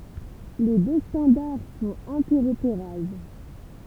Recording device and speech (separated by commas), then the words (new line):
temple vibration pickup, read sentence
Les deux standards sont interopérables.